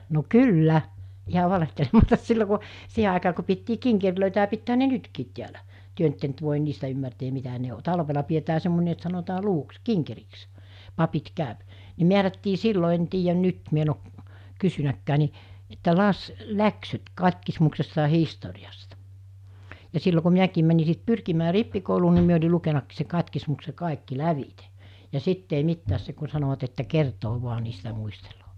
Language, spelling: Finnish, no kyllä ihan valehtelematta silloin kun siihen aikaa kun pidettiin kinkereitä ja pitäähän ne nytkin täällä te nyt ette nyt voin niistä ymmärtää mitä ne on talvella pidetään semmoinen että sanotaan luvuksi kinkeriksi papit käy ne määrättiin silloin en tiedä nyt minä en ole kysynytkään niin että - läksyt katkismuksesta ja historiasta ja silloin kun minäkin menin sitten pyrkimään rippikouluun niin minä olin lukenutkin se katkismuksen kaikki lävitse ja sitten ei mitään se kun sanoivat että kertaa vain niin sitä muistelee
- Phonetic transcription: no "kyl'lä , iha 'valehtelematas sillo ku , 'siiɦe àikaa ku piettii 'kiŋkerlö̀itä ja 'pittää(ɦä) ne "nytkiit tiälä , 'työ ‿nt ette ‿nt vòen 'niistä ymmärteem̆ mitä 'ne o , 'talvela pietää 'semmon̜e et sanotaa 'luvuks , "kiŋkeriks , 'papit 'kä̀öp , ne 'miärättii 'sillo en 'tiijän 'nyt mi ‿en ‿o , 'kysynäkkää ni , että 'las- , 'läksyt 'kat́kismuksesta ‿a 'histori₍asta , ja 'sillo ku 'miäkiim mäni sit "pyrkimää "rippikouluu ni mi ‿oĺi 'lukenakkiis se 'kat́kismukse 'kàekki 'lävite , ja 'sitt ‿ei 'mittääs se ku 'sanovat että 'kertoo vua (ni sitä) 'muistelᴏᴏ .

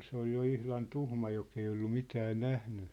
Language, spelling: Finnish, se oli jo ihan tuhma joka ei ollut mitään nähnyt
- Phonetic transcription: 'se ‿ol jo 'ihlan "tuhma jok ‿ei ollu 'mitää "nähny .

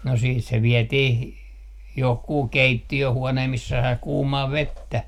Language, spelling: Finnish, no sitten se vietiin johonkin keittiöhuoneeseen missä sai kuumaa vettä
- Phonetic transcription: no siit se 'viɛtih , 'johkuu "keitti₍öhuonee missä sai "kuumaa "vettä .

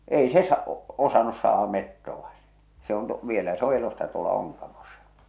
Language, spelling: Finnish, ei se - osannut saada metsoa se se on - vielä se on elossa tuolla Onkamossa
- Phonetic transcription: 'ei se sa- , 'osanus saah̬a 'mettova sᴇ , se on tu- 'vielä se o 'elossa tuola 'Oŋkamosᴀ .

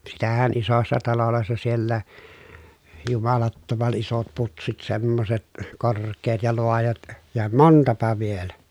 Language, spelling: Finnish, sitähän isossa taloissa siellä jumalattoman isot putsit semmoiset korkeat ja laajat ja montapa vielä
- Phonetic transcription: sitähän isossa talolòessa siellää , jumalattoman isot putsit semmoset , kor̀k̀eet ja loajat , ja montapa vielä .

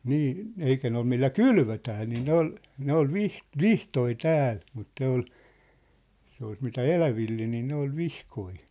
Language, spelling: Finnish, niin eikä ne ole millä kylvötään niin ne oli ne oli - vihtoja täällä mutta ne oli se olisi mitä eläville niin ne oli vihkoja
- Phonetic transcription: nii , 'eikä ne ‿ol millä "kylvötää nii 'ne ‿ol , 'ne ‿ol "vih- , "vihtoi "tääl , mut 'ne ‿ol , se ois mitä "eläville nii 'ne ‿ol "vihkoi .

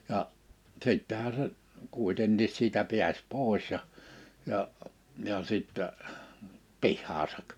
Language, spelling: Finnish, ja sittenhän se kuitenkin siitä pääsi pois ja ja ja sitten pihaansa
- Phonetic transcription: ja , 'sìttɛhä se , 'kuitenniis siitä 'pi̬äs 'pòis ja , ja , ja 'sittä , 'pihhaasak .

